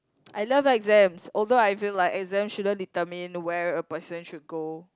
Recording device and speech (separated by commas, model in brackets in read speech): close-talking microphone, conversation in the same room